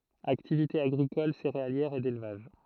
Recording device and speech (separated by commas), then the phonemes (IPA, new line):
throat microphone, read sentence
aktivite aɡʁikɔl seʁealjɛʁ e delvaʒ